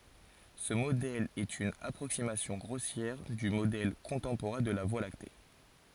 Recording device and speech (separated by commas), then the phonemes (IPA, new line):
forehead accelerometer, read sentence
sə modɛl ɛt yn apʁoksimasjɔ̃ ɡʁosjɛʁ dy modɛl kɔ̃tɑ̃poʁɛ̃ də la vwa lakte